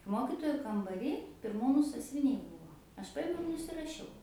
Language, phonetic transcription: Lithuanian, ˈmokitoju kambaˈry pirˈmūnu sasviˈniai ˈbuvo aš ˈpajimiau ir nusiraˈšiau

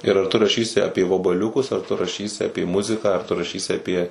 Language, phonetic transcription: Lithuanian, ir ar ˈtu raˈšysi ˈapie vabaˈliukus ar ˈtu raˈšysi ˈapė ˈmuziką ar tu raˈšysi aˈpie

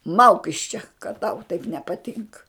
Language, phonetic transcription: Lithuanian, ˈmauk iš čia kad ˈtau taip nepaˈtinka

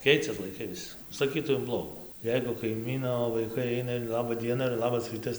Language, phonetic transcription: Lithuanian, ˈkeicias laiˈkai ˈvis saˈkytau in ˈblogų ˈjeigu kaiˈmyno vaiˈkai ˈaina ir ˈlaba ˈdiena ir ˈlabas ˈrytas

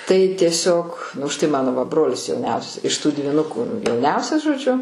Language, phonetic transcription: Lithuanian, tai tieˈsiog už tai ˈmano va ˈbrolis jauˈniausias iš tų dvyˈnuku jauˈniausias žoˈdžiu

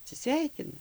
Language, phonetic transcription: Lithuanian, atsiˈsveikina

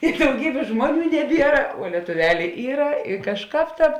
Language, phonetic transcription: Lithuanian, i dauˈgybės ˈžmuoˌnių neˈbiera vuo lietuˈvelė ˈyra i kažˈkāp ˈtāp

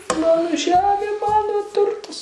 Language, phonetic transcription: Lithuanian, ˈmano ˈžemė ˈmano ˈturtas

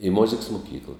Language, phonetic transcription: Lithuanian, i ˈmoziks muˈkykla

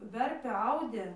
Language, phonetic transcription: Lithuanian, ˈverpė ˈaudė

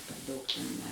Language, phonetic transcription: Lithuanian, per ˈdaug ten ˈne

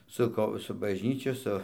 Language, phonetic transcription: Lithuanian, ˈsu ko su bažˈnyčiu ˈsu

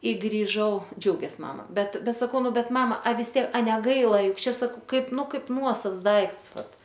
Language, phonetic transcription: Lithuanian, i griˈžau ˈdžiaugės ˈmama ˈbet ˈbet saˈkau ˈnu ˈbet ˈmama a vis ˈtiek a neˈgaila ˈjuk ˈčia saˈkau ˈkaip ˈnu ˈkaip ˈnuosavs ˈdaikts ˈvat

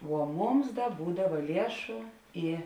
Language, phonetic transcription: Lithuanian, vuo ˈmums ˈda ˈbūdava ˈliešu ˈį

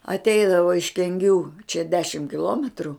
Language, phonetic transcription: Lithuanian, atˈeidavo iš kenˈgių čia ˈdešim kiˈlometru

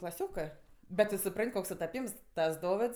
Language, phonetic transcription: Lithuanian, klaˈsiokɜ ˈbet tu suˈpran't' ˈkoks sutaˈpyms ˈtas ˈdovids

